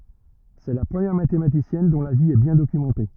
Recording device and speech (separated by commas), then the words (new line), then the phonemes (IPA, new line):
rigid in-ear microphone, read sentence
C'est la première mathématicienne dont la vie est bien documentée.
sɛ la pʁəmjɛʁ matematisjɛn dɔ̃ la vi ɛ bjɛ̃ dokymɑ̃te